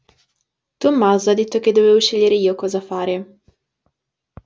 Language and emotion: Italian, neutral